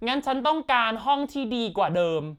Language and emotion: Thai, frustrated